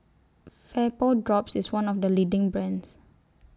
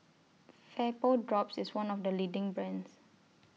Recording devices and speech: standing microphone (AKG C214), mobile phone (iPhone 6), read sentence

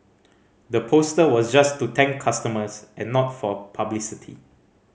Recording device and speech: mobile phone (Samsung C5010), read sentence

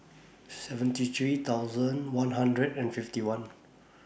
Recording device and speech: boundary microphone (BM630), read sentence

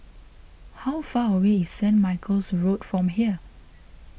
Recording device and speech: boundary microphone (BM630), read sentence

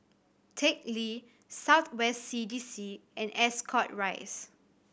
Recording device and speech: boundary microphone (BM630), read sentence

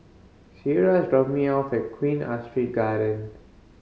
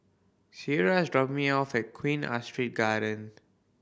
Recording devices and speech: mobile phone (Samsung C5010), boundary microphone (BM630), read sentence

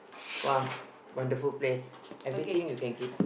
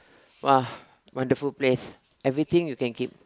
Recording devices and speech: boundary microphone, close-talking microphone, conversation in the same room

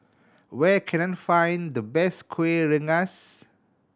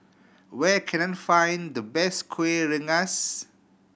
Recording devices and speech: standing microphone (AKG C214), boundary microphone (BM630), read sentence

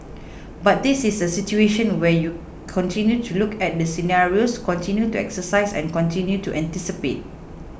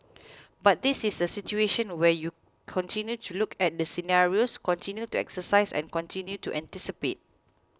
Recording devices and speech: boundary microphone (BM630), close-talking microphone (WH20), read sentence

